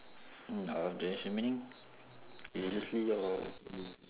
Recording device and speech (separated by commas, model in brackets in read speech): telephone, conversation in separate rooms